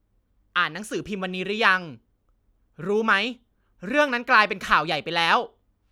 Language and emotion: Thai, frustrated